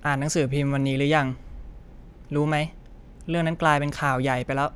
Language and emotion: Thai, frustrated